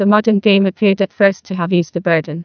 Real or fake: fake